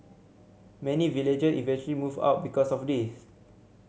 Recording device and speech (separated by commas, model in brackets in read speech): mobile phone (Samsung C7100), read sentence